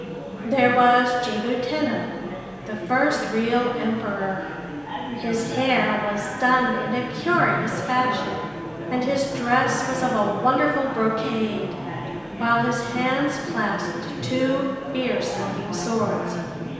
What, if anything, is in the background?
Crowd babble.